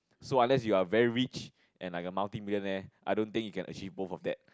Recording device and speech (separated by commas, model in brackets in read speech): close-talking microphone, conversation in the same room